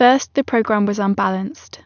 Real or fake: real